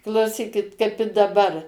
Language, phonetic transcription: Lithuanian, klauˈsykit kaip i daˈbar

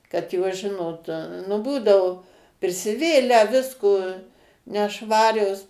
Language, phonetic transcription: Lithuanian, kad ˈjos ˈžinot nu ˈbūdau prisiˈvėlę ˈvisko neˈšvarios

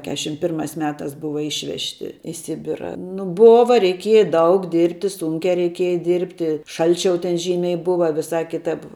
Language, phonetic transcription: Lithuanian, ˈkešim ˈpirmās ˈmetās ˈbuva ˈišvežti į ˈsibira nu ˈbova reiˈkieja ˈdaug ˈdirbti ˈsunkiā reiˈkieja ˈdirbti ˈšalčiau ten ˈžymiai ˈbuva viˈsā ˈkitap

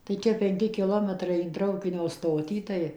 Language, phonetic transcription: Lithuanian, tai ˈčia penˈki kiˈlometrai in ˈtraukinio ˈstotį ˈtai

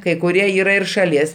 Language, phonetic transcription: Lithuanian, kai kuˈrie ˈyra ir šaˈlies

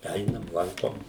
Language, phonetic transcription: Lithuanian, ˈeinam ˈlankom

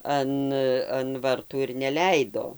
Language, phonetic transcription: Lithuanian, ˈan an ˈvartų ir neˈleido

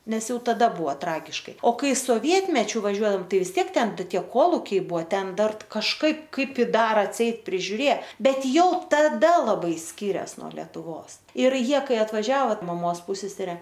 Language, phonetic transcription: Lithuanian, ˈnes ˈjau taˈda ˈbuvo ˈtragiškai o ˈkai soˈvietmečiu vaˈžiuodaom ˈtai vis ˈtiek ˈten ˈtie ˈkolukiai ˈbuvo ˈten ˈdar kažˈkaip ˈkaip ˈi ˈdar atˈseit prižiuˈrė ˈbet ˈjau taˈda laˈbai ˈskyres nuo letuˈvos ˈir ˈjie ˈkai atvaˈžiavo maˈmos ˈpusesere

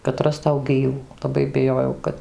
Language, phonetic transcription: Lithuanian, kad ˈrastau ˈgyvų laˈbai biˈjojau ˈkad

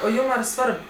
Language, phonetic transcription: Lithuanian, o ˈjūm ar ˈsvarb

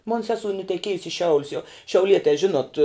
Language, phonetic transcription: Lithuanian, mon ˈsesou nuteˈkiejus i ˈšiaulius jau šiauˈlietē ˈžinot

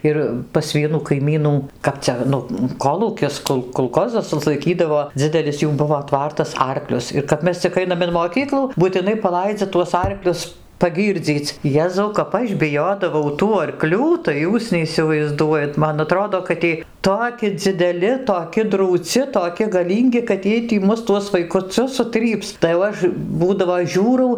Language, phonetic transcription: Lithuanian, ˈir pas ˈvienų kaiˈmynų ˈkap cia ˈnu ˈkolūkis ˈkul kolˈkozas ˈlaikydavo ˈdzidelis ˈjų ˈbuvo ˈtvartas ˈarklius ir kap ˈmes cik ˈainam in moˈkyklų būtiˈnai paˈlaidzia tuos ˈarklius paˈgyrdzyc ˈjezau kap ˈaš biˈjodavau tų arˈklių tai ˈjūs neisivaizˈduojat ˈman aˈtrodo kad ˈiej ˈtoki dzideˈli toˈki drūˈci toˈki gaˈlyngi kad ˈjiej tį ˈmus tuos vaikuˈcius suˈtryps tai jau ˈaš ˈbūdavo ˈžiūrau

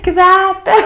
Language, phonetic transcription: Lithuanian, ˈkvepia

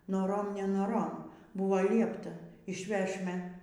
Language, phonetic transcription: Lithuanian, noˈrom nenoˈrom ˈbuvo ˈliepta išˈvešme

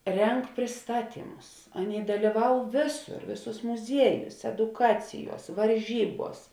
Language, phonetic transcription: Lithuanian, ˈreng prisˈtaˌtymus ˈaˌnėi dalyˈvau ˈvėˌsur ˈvėˌsūs muˈzieˌjūs eduˈkaciˌjuos varˈžyˌbuos

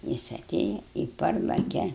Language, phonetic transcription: Lithuanian, ˈjis aˈtėja i ˈparlake

